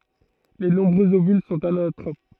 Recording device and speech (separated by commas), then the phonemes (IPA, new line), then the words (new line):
throat microphone, read sentence
le nɔ̃bʁøz ovyl sɔ̃t anatʁop
Les nombreux ovules sont anatropes.